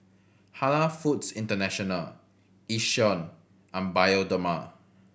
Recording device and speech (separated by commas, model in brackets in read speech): boundary microphone (BM630), read sentence